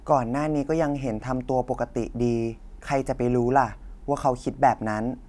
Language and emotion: Thai, neutral